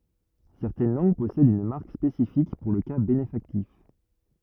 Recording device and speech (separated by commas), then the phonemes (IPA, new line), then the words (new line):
rigid in-ear microphone, read sentence
sɛʁtɛn lɑ̃ɡ pɔsɛdt yn maʁk spesifik puʁ lə ka benefaktif
Certaines langues possèdent une marque spécifique pour le cas bénéfactif.